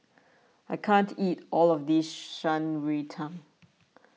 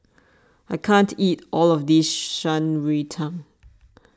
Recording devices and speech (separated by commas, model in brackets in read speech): mobile phone (iPhone 6), standing microphone (AKG C214), read sentence